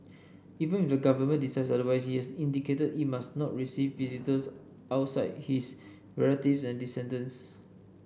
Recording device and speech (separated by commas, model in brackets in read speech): boundary microphone (BM630), read sentence